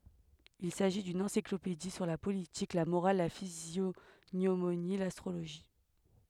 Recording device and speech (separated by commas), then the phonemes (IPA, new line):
headset microphone, read sentence
il saʒi dyn ɑ̃siklopedi syʁ la politik la moʁal la fizjoɲomoni lastʁoloʒi